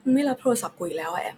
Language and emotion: Thai, frustrated